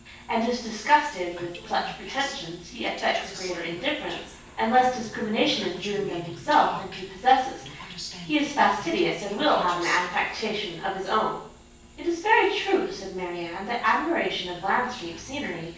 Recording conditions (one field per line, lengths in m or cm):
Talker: one person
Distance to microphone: 9.8 m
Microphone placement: far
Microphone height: 1.8 m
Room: large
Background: television